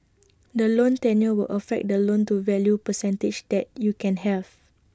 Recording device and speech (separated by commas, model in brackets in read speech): standing microphone (AKG C214), read sentence